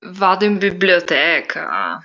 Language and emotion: Italian, disgusted